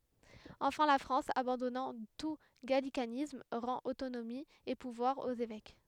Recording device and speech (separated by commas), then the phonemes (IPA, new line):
headset microphone, read sentence
ɑ̃fɛ̃ la fʁɑ̃s abɑ̃dɔnɑ̃ tu ɡalikanism ʁɑ̃t otonomi e puvwaʁz oz evɛk